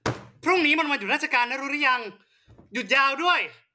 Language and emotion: Thai, angry